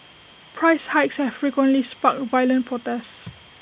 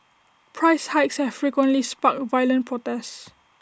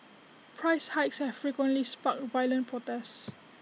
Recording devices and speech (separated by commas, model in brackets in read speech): boundary microphone (BM630), standing microphone (AKG C214), mobile phone (iPhone 6), read sentence